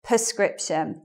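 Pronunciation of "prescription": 'Prescription' is pronounced incorrectly here.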